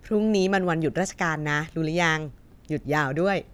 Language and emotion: Thai, happy